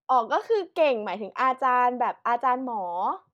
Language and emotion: Thai, neutral